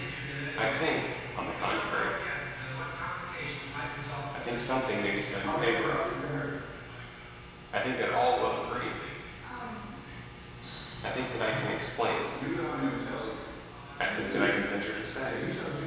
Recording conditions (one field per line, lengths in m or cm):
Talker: one person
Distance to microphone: 1.7 m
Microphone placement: close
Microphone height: 1.0 m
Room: very reverberant, large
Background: television